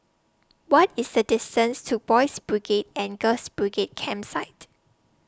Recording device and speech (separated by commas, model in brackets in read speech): standing microphone (AKG C214), read sentence